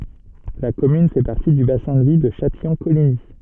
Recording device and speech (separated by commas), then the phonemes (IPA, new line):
soft in-ear microphone, read sentence
la kɔmyn fɛ paʁti dy basɛ̃ də vi də ʃatijɔ̃koliɲi